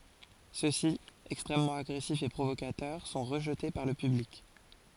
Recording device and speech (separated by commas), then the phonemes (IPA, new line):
forehead accelerometer, read sentence
sø si ɛkstʁɛmmɑ̃t aɡʁɛsifz e pʁovokatœʁ sɔ̃ ʁəʒte paʁ lə pyblik